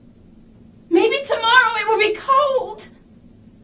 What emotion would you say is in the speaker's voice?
fearful